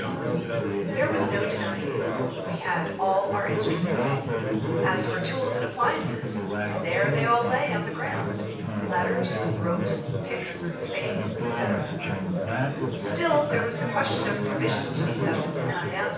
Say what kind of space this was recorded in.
A large space.